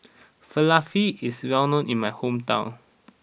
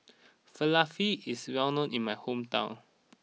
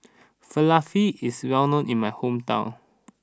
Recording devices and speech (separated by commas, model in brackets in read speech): boundary microphone (BM630), mobile phone (iPhone 6), standing microphone (AKG C214), read sentence